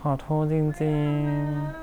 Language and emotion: Thai, sad